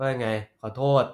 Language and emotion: Thai, frustrated